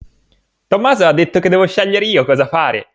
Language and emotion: Italian, happy